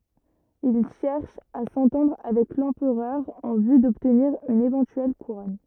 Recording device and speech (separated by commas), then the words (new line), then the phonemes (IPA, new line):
rigid in-ear microphone, read sentence
Il cherche à s’entendre avec l’empereur en vue d’obtenir une éventuelle couronne.
il ʃɛʁʃ a sɑ̃tɑ̃dʁ avɛk lɑ̃pʁœʁ ɑ̃ vy dɔbtniʁ yn evɑ̃tyɛl kuʁɔn